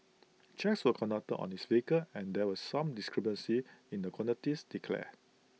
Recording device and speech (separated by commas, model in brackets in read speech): mobile phone (iPhone 6), read sentence